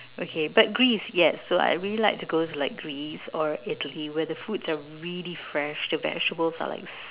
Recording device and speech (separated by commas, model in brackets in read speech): telephone, conversation in separate rooms